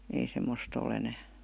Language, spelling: Finnish, ei semmoista ole enää
- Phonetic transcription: ei semmost ‿o'l ‿enää .

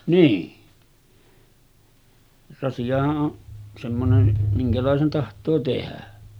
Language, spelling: Finnish, niin rasiahan on semmoinen minkälaisen tahtoo tehdä
- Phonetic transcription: nii , rasi₍aha’ ’o’ , semmonen , 'miŋkälàesen taht̀oo 'tehä .

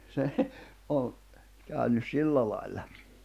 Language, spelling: Finnish, se on käynyt sillä lailla
- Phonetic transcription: se , ’o , kä̀ynys 'sillä lài̬lla .

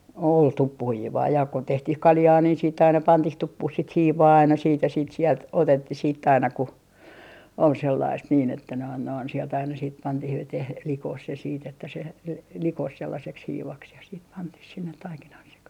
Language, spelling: Finnish, oli tuppuhiivaa ja kun tehtiin kaljaa niin sitten aina pantiin tuppuun sitä hiivaa aina sitten ja sitten sieltä otettiin sitten aina kun oli sellaista niin että noin noin sieltä aina sitten pantiin veteen likoon se sitten että se - - likosi sellaiseksi hiivaksi ja sitten pantiin sinne taikinan sekaan
- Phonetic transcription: ol "tuppuhiivaa jà ko 'tehtih "kaljaa niin siitt ‿aina 'pantih "tuppuh sit 'hiivaa aina siit ja siit sielt 'otettih siitt ‿aina ku , ol 'sellaist niin ‿että noin noin sielt aina siit 'pantih 'veteh "likoh se siit ‿että se l - l - "likos 'sellaseks 'hiivaks ja siit 'pantih 'sinnet 'taikinah 'sekah .

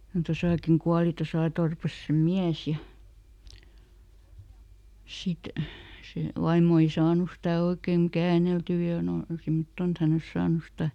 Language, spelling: Finnish, kun tuossakin kuoli tuossa torpassa sen mies ja sitten se vaimo ei saanut sitä oikein käänneltyä ja nuo semmottoon että hän olisi saanut sitä
- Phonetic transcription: (kun) ˈtosàkin "kuali ˈtosà torpas sem ˈmiäs ja , ˈsit , se ˈvaimmo ei "saanu stä ˈoikèŋ "kääneltyy ja noi , ˈsimtton ‿et ˈhän ‿ols "saanu stä ,.

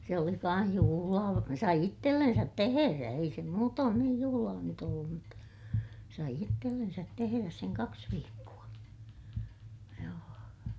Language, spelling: Finnish, se oli kanssa juhlaa sai itsellensä tehdä ei se muutoin niin juhlaa nyt ollut mutta sai itsellensä tehdä sen kaksi viikkoa joo
- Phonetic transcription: se oli kaa̰h juhulaa , sai ittellensät teherä - ei se muutoon niij juhulaa nyt ‿ollum mutta , sai ittellensät teheräs seŋ kaks viikku₍a , joo .

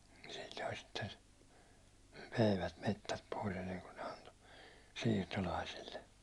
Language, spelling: Finnish, silloin sitten myivät metsät pois ennen kuin ne antoi siirtolaisille
- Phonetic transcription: sɪʟʟᴏɪ sitten , 'myivät 'mettät pois ‿enneŋku ne 'anto , 'siirtolaisille .

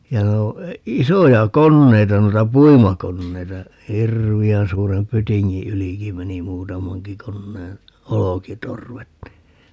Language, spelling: Finnish, ja - isoja koneita noita puimakoneita hirveän suuren pytingin ylikin meni muutamankin koneen olkitorvet niin
- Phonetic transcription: ja 'noo- , "isoja 'konneita - noita "puimakonneita , "hirvi₍än 'suurem "pytiŋŋi "yliki 'meni "muutamaŋki 'konneen , "olokitorvet ni , .

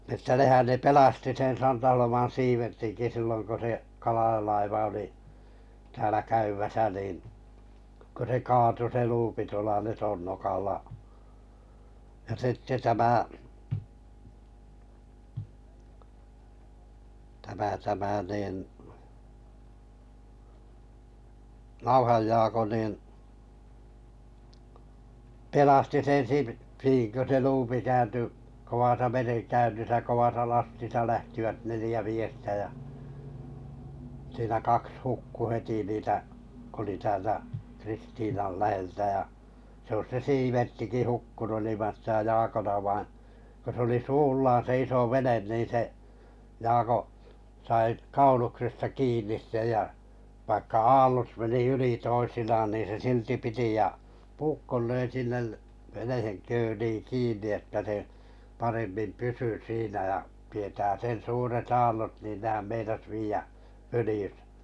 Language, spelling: Finnish, että nehän ne pelasti sen Santaholman Siivertinkin silloin kun se Kalaja-laiva oli täällä käymässä niin kun se kaatui se luuppi tuolla Letonnokalla ja sitten tämä tämä tämä niin Nauhan Jaakko niin pelasti sen - niin kun se luuppi kääntyi kovassa merenkäynnissä kovassa lastissa lähtivät neljä miestä ja siinä kaksi hukkui heti niitä kun oli täältä Kristiinan läheltä ja se olisi se Siiverttikin hukkunut ilman sitä Jaakon - vaan kun se oli suullaan se iso vene niin se Jaakko sai kauluksesta kiinni sen ja vaikka aallot meni yli toisinaan niin se silti piti ja puukon löi sinne veneen köliin kiinni että se paremmin pysyi siinä ja tietää sen suuret aallot niin nehän meinasi viedä följyssä
- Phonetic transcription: ᵉttä 'nehän ne 'pelasti sen Santaholoman̬ 'Siivertiŋki 'silloŋ ko se , 'Kalaʲalaiva oli , täälä 'käymäsä niin , ko se 'kaatu se 'luupi tuola 'Letonnokalla ja 'sitte tämä , tämä tämä nìn , 'Nauhaj Jaako niin , 'pelasti 'sen 'Si niiŋ kö se 'luupi kääntyy , 'kovasa "mereŋkäynnisä 'kovasa "lastisa lähtivät 'nelⁱjä 'miestä jä , siinä 'kaks 'hukku 'heti niitä , k ‿oli täältä , 'Kristiinal 'läheltä ja , sᵉ ‿ois se "Siiverttiki 'hukkunu iliman sitä 'Jaakon ‿a- vaiḭ , ko se oli 'suullaan se 'iso 'venen niin se , 'Jaako , sai 'kauluksesta 'kiin̆nis sej ja , vaikka "aallot meni 'yli 'toisinaan niin se 'silti piti ʲa , "puukkol 'löi 'sinnel , veneheŋ 'kööliiŋ 'kiinni että se , 'paremmim 'pysy 'siinä ʲa , tietää 'sen 'suuret 'aallot nìn 'nehäm 'meinas vi₍ä , "fölⁱjʏsᴀ̈ .

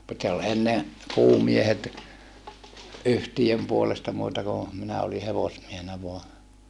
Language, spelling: Finnish, mutta se oli ennen kuumiehet yhtiön puolesta muuta kuin minä olin hevosmiehenä vain
- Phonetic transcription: mut se ol enne , kuumiehet , yhtijöm puolesta muuta ku , minä oli hevosmiehenä voa .

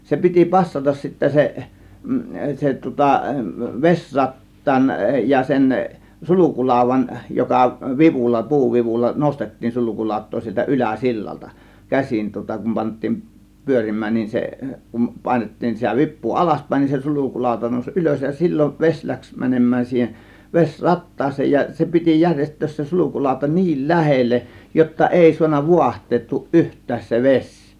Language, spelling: Finnish, se piti passata sitten se se tuota vesirattaan ja sen sulkulaudan joka vivulla puuvivulla nostettiin sulkulautaa sieltä - yläsillalta käsin tuota kun pantiin pyörimään niin se kun painettiin sitä vipua alaspäin niin se sulkulauta nousi ylös ja silloin vesi lähti menemään siihen vesi rattaaseen ja se piti järjestää se sulkulauta niin lähelle jotta ei saanut vaahtoutua yhtään se vesi
- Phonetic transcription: 'se piti passatas sittä se , se tŭŏta , "vesrat̀taan ja sen , "sulukulàȯv̆van , joka "vivulla , "puuvivulla "nostettiin 'sulukulàȯt̆too sieltä "ˀylä̀ 'sillalta , "käsin tŭŏta kum 'pant̆tiin , "pyörim̆mään nin se , kum 'pàėnet-tiin sitä 'vip̆puu "alaspä̀ėn nin se 'sulukulàȯta nòuś "ˀylös ja 'sil͕l͕ov 'veś läks 'mänem̆mään siihen 'ves͕ "rattaas̀een ja , 'se piti 'jäŕjest̆töös se 'sulukulàȯta "ni̬il "lähelleˀ , jotta "ˀèi suanna 'vuaht̆teettuuˀ "ˀyht̆tääs se 'veś .

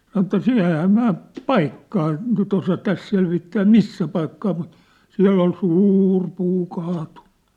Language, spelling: Finnish, sanoi että - enhän minä paikkaa nyt osaa tässä selvittää missä paikkaa mutta siellä oli suuri puu kaatunut
- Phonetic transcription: sanŏ ĕttä » 's- ‿ehäähäm 'm̳ä̳ä̳ , "paikkaa , nyt ‿osa 'täs selvittää "missä paikkaa mut , 'siä̭ll ‿ol 'sûr 'puu kaatuɴɴᴜ . «

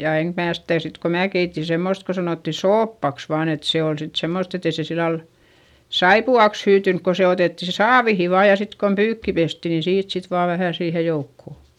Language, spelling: Finnish, ja enkä minä sitä sitten kun minä keitin semmoista kun sanottiin soopaksi vain että se oli sitten semmoista että ei se sillä lailla saippuaksi hyytynyt kun se otettiin sitten saaviin vain ja sitten kun pyykki pestiin niin siitä sitten vain vähän siihen joukkoon
- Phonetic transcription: ja eŋk mää sitä̀ sit ko mää keiti semmost ko sanòtti sooppaks vaan ‿et se ol sit semmost ‿et ‿e se sillal , saipu₍aks hyytynk ko se otètti si saavihi vaa ja sit kon pyykki pesti niin siit sit vaa vähä̀ siihe joukko .

